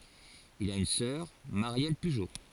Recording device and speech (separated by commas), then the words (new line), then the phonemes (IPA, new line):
forehead accelerometer, read sentence
Il a une sœur, Marielle Pujo.
il a yn sœʁ maʁjɛl pyʒo